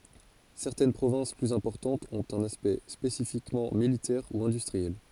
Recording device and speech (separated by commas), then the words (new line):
forehead accelerometer, read sentence
Certaines provinces plus importantes ont un aspect spécifiquement militaire ou industriel.